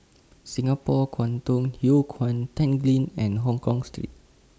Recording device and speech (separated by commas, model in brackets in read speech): standing microphone (AKG C214), read sentence